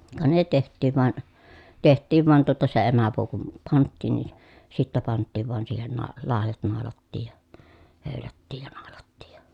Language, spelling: Finnish, ka ne tehtiin vain tehtiin vain tuota se emäpuu kun pantiin niin sitten pantiin vain siihen - laidat naulattiin ja höylättiin ja naulattiin ja
- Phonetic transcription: ka ne teht̆tiiv van , teht̆tiiv van tuota se emäpuu kum panttìn ni , sittä panttiiv vàen siihen naa- , làejat nàolattiij ja , hö̀ylättiij ja nàolattiij jA .

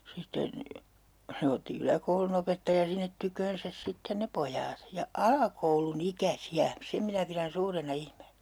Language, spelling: Finnish, sitten se otti yläkoulunopettaja sinne tykönsä sitten ne pojat ja alakoulunikäisiä sen minä pidän suurena ihmeenä
- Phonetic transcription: 'sitten , 'se otti 'yläkoulunopettaja sinnet 'tyköönsäs 'sitten ne "pojaat ja , "alakoulu'nikä'si₍ä , 'sem minä pirän 'suurena 'ihmeenÄ .

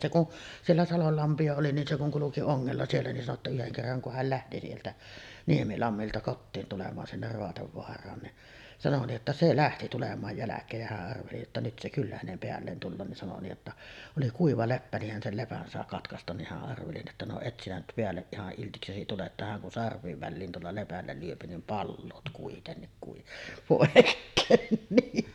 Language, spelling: Finnish, se kun siellä salolla lampia oli niin se kun kulki ongella siellä niin sanoi jotta yhden kerran kun hän lähti sieltä Niemilammilta kotiin tulemaan sinne Raatevaaraan niin sanoi niin että se lähti tulemaan jälkeen ja hän arveli että nyt se kyllä hänen päälleen tulee niin sanoi niin jotta oli kuiva leppä niin hän sen lepän sai katkaistua niin hän arveli että no et sinä nyt päälle ihan iltiksesi tule että hän kun sarvien väliin tuolla lepällä lyö niin palaat kuitenkin - pois niin
- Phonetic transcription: se kun , siellä 'salol lampi₍a 'oli nin se kuŋ 'kuluki "oŋŋella 'siellä nin sano ‿tta 'yheŋ kerraŋ ku 'häl lähti 'sieltä , "Niemilammilta kottiin tulemaan 'sinner 'Roatevvoar̆raan ni’ , sano nii’ ’että 'se "lähti tulem̀aaj 'jäläk̀eej ja häˀ ˀarveli että 'nyt se 'kyllä hänem 'peälleen tulloo nin sano ni(j j)otta , oli 'kuiva 'leppä nih hän 'sel 'lepän sàe 'katkastan nih hä’ ’arveli että » no 0"et sinä nyt 'peälleˀ 'ˀihaˀ ˀiltiksesi tule’ « ’että häŋ kun "sarv̆viiv 'välliin tuolla lepällä lyöpi nim "palloot kuitennik kui- , 'pòekkeen ni .

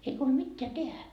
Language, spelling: Finnish, ei huoli mitään tehdä
- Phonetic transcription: ei huol 'mitteä 'tehä .

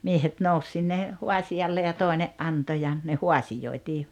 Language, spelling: Finnish, miehet nousi sinne haasiolle ja toinen antoi ja ne haasioitiin
- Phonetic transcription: 'miehet 'nous sinne , 'huasi₍alle ja 'tòi̬ne’ '’anto ja , ne "huasijoitii .

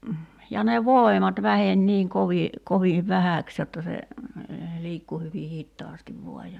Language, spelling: Finnish, ja ne voimat väheni niin kovin kovin vähäksi jotta se liikkui hyvin hitaasti vain ja
- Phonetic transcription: ja ne "vòemat 'vähen 'niiŋ 'kovi , 'koviiv "vähä̀ks jotta se , 'liikku hyvi "hittaastiv 'vo̭a ja ,.

